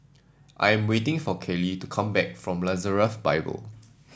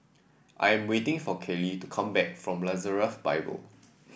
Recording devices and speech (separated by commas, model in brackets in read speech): standing microphone (AKG C214), boundary microphone (BM630), read sentence